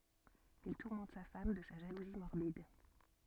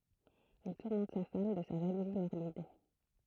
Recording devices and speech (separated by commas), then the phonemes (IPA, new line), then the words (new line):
soft in-ear microphone, throat microphone, read sentence
il tuʁmɑ̃t sa fam də sa ʒaluzi mɔʁbid
Il tourmente sa femme de sa jalousie morbide.